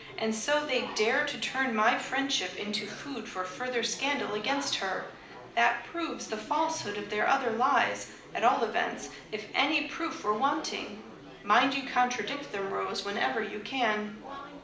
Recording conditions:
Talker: one person; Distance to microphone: 2.0 m; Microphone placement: close; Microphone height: 99 cm; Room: medium-sized (5.7 m by 4.0 m); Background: babble

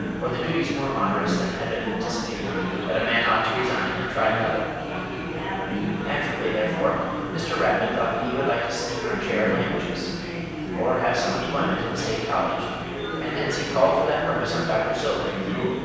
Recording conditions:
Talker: one person; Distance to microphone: 7.1 m; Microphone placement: far; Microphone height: 1.7 m; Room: very reverberant, large; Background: babble

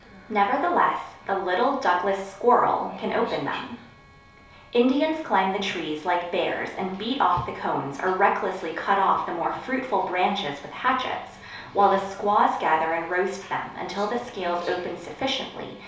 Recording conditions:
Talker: one person; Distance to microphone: 3.0 m; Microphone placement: far; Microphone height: 1.8 m; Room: small (3.7 m by 2.7 m); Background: television

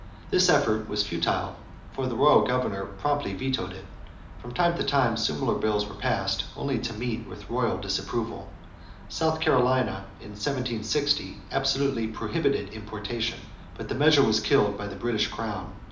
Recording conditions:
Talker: one person; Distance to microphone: 2.0 m; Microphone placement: close; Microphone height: 99 cm; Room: medium-sized (5.7 m by 4.0 m); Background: none

